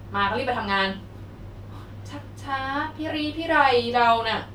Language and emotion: Thai, frustrated